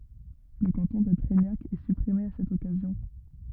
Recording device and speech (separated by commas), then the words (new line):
rigid in-ear microphone, read sentence
Le canton de Treignac est supprimé à cette occasion.